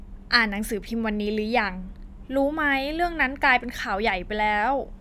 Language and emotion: Thai, frustrated